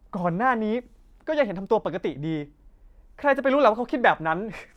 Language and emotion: Thai, angry